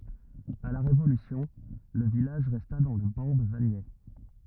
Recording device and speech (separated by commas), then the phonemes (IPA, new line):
rigid in-ear microphone, read sentence
a la ʁevolysjɔ̃ lə vilaʒ ʁɛsta dɑ̃ lə bɑ̃ də vaɲɛ